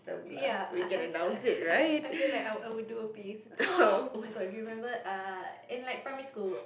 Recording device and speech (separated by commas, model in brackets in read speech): boundary microphone, conversation in the same room